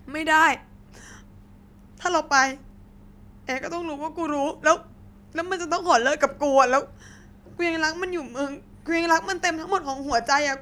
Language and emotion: Thai, sad